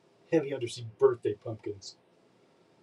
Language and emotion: English, disgusted